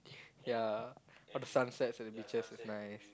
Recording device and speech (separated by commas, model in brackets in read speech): close-talking microphone, conversation in the same room